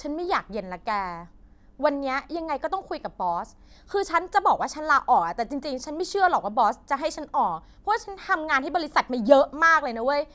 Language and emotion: Thai, angry